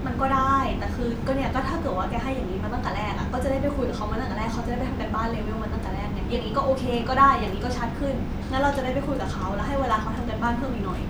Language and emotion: Thai, frustrated